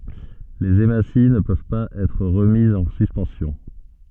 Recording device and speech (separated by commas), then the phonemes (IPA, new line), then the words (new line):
soft in-ear microphone, read sentence
lez emasi nə pøv paz ɛtʁ ʁəmizz ɑ̃ syspɑ̃sjɔ̃
Les hématies ne peuvent pas être remises en suspension.